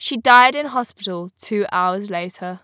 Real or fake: real